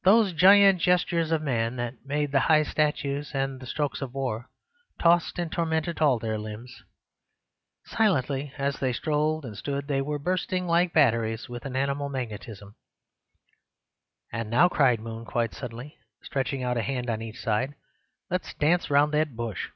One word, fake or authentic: authentic